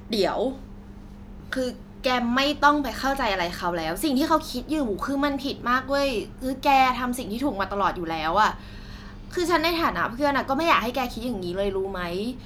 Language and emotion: Thai, frustrated